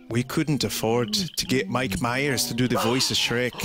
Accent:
Scottish accent